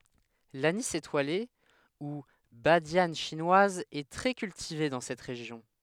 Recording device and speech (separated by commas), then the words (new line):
headset microphone, read sentence
L'anis étoilé, ou badiane chinoise est très cultivée dans cette région.